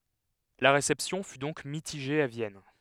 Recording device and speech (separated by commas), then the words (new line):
headset microphone, read sentence
La réception fut donc mitigée à Vienne.